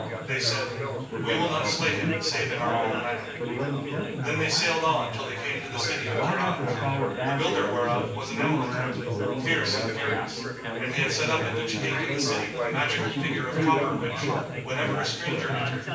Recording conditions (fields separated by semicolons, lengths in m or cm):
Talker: one person; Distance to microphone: 9.8 m; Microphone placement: far; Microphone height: 1.8 m; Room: large; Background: babble